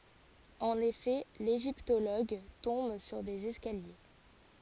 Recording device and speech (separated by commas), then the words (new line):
forehead accelerometer, read sentence
En effet, l'égyptologue tombe sur des escaliers.